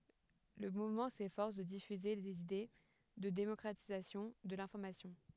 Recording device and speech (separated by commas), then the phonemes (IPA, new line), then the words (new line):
headset microphone, read sentence
lə muvmɑ̃ sefɔʁs də difyze dez ide də demɔkʁatizasjɔ̃ də lɛ̃fɔʁmasjɔ̃
Le mouvement s'efforce de diffuser des idées de démocratisation de l'information.